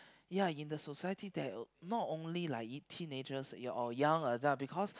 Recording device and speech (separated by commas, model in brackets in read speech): close-talking microphone, conversation in the same room